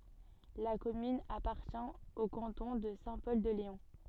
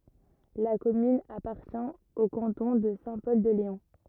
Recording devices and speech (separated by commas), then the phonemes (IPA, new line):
soft in-ear microphone, rigid in-ear microphone, read sentence
la kɔmyn apaʁtjɛ̃ o kɑ̃tɔ̃ də sɛ̃ pɔl də leɔ̃